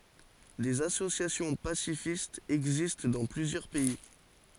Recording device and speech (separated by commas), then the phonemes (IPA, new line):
forehead accelerometer, read sentence
dez asosjasjɔ̃ pasifistz ɛɡzist dɑ̃ plyzjœʁ pɛi